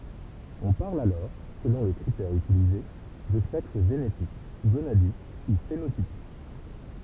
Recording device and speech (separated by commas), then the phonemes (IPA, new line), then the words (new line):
temple vibration pickup, read sentence
ɔ̃ paʁl alɔʁ səlɔ̃ lə kʁitɛʁ ytilize də sɛks ʒenetik ɡonadik u fenotipik
On parle alors, selon le critère utilisé, de sexe génétique, gonadique ou phénotypique.